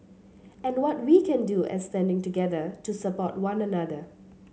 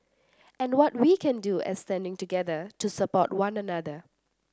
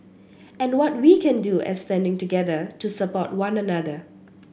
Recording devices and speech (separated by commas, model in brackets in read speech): mobile phone (Samsung C7), standing microphone (AKG C214), boundary microphone (BM630), read sentence